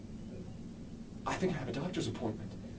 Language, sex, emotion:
English, male, fearful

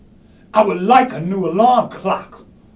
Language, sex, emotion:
English, male, angry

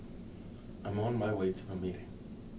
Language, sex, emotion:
English, male, neutral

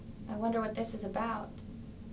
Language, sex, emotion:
English, female, fearful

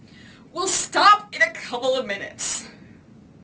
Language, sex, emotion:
English, female, angry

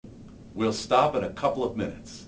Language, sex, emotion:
English, male, neutral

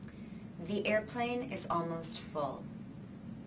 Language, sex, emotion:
English, female, neutral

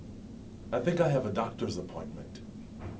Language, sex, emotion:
English, male, neutral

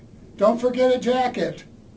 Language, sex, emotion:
English, male, neutral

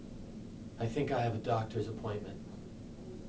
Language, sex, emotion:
English, male, neutral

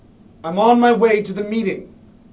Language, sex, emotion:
English, male, angry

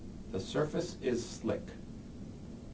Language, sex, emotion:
English, male, neutral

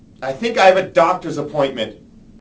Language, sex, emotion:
English, male, angry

